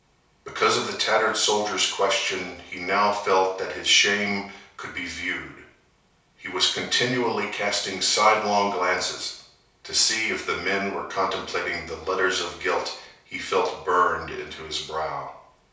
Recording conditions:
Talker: one person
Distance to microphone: 3.0 m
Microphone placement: far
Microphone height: 1.8 m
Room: small (3.7 m by 2.7 m)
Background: none

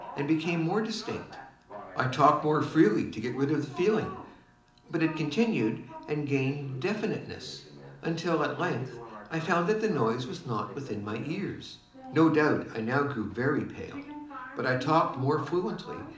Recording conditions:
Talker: one person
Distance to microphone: 2.0 m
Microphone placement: close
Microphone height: 99 cm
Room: medium-sized (5.7 m by 4.0 m)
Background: television

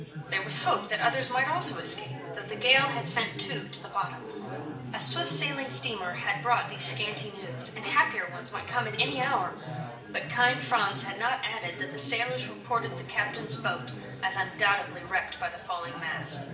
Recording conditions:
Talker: one person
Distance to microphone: 1.8 m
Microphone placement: close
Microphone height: 1.0 m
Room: large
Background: babble

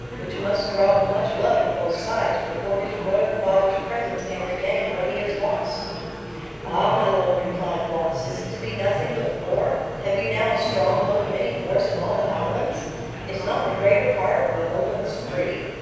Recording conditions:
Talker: one person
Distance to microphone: 7.1 m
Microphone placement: far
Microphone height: 1.7 m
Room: very reverberant, large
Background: babble

